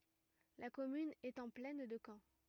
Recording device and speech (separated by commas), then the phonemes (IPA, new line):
rigid in-ear microphone, read sentence
la kɔmyn ɛt ɑ̃ plɛn də kɑ̃